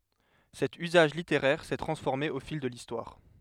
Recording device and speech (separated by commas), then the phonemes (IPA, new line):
headset microphone, read sentence
sɛt yzaʒ liteʁɛʁ sɛ tʁɑ̃sfɔʁme o fil də listwaʁ